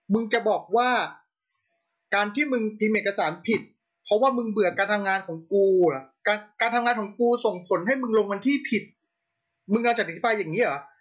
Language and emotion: Thai, angry